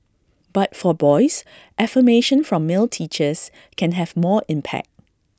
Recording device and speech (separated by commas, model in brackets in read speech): standing microphone (AKG C214), read sentence